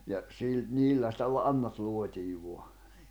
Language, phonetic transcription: Finnish, ja , 'sil- , 'niillä sⁱtä 'lannat 'luot́ii 'vua .
- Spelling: ja - niillä sitä lannat luotiin vain

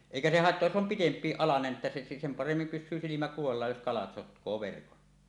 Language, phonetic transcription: Finnish, èikä 'se "haettoaj jos 'om "pitemp̀iiˀ 'ˀalanen että se 'sem "paremmim pys̆syy silimä kuvallaaj jos 'kalat 'sotk̀oo "verkon .
- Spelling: eikä se haittaa jos on pitempi alanen että se sen paremmin pysyy silmä kuvallaan jos kalat sotkee verkon

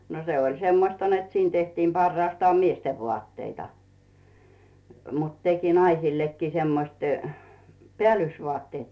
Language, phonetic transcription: Finnish, no 'se oĺ "semmosta net 'siin tehtiim 'par-raastaam "miestev 'vᵒàtteita , mut 'teki 'naisillekkii semmosii , "peä̀llysvᵒàtteet .
- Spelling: no se oli semmoista että siinä tehtiin parhaastaan miesten vaatteita mutta teki naisillekin semmoisia päällysvaatteet

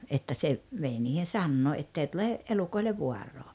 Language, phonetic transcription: Finnish, että se , 'vei niihen̬ "sannoo 'ettei tule , 'elukoilev "vuarroo .
- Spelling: että se vei niihin sanoo että ei tule elukoille vaaraa

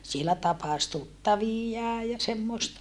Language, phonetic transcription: Finnish, sielä tapas tuttavijjaa ja semmòesta .
- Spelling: siellä tapasi tuttaviaan ja semmoista

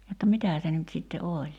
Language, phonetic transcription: Finnish, jotta 'mitää se nyt sitte "oĺ .
- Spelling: jotta mitä se nyt sitten oli

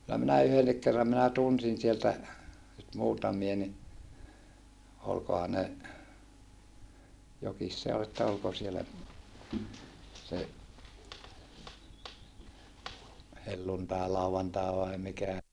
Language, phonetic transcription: Finnish, kyllä minä yhennik kerram minä tunsin sieltä , nyt muutamie ni , olkoha ne , jokis se ol että olko siellä , se , helluntàelauvantàe vai mikä , .
- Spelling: kyllä minä yhdenkin kerran minä tunsin sieltä nyt muutamia niin olikohan ne jokin se oli että oliko siellä se helluntailauantai vai mikä

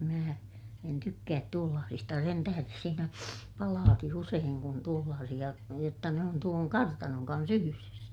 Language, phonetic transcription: Finnish, mää , en tykkäät tuollaasista ja sen tähäres siinä , palaaki useeŋ kun tuollaasiʲa , jotta ne on tuoŋ kartanoŋ kans ‿yhyres .
- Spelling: minä en tykkää tuollaisista ja sen tähden siinä palaakin usein kun tuollaisia jotta ne on tuon kartanon kanssa yhdessä

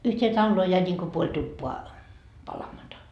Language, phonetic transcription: Finnish, yht́ee 'talloo jäi ńiŋko 'puoĺ 'tuppoa , 'palamata .
- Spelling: yhteen taloon jäi niin kuin puoli tupaa palamatta

